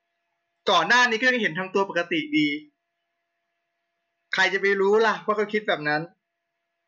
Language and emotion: Thai, happy